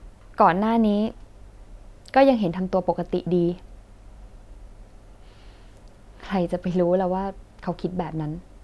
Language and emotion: Thai, frustrated